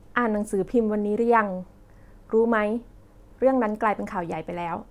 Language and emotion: Thai, neutral